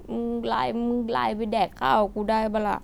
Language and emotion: Thai, sad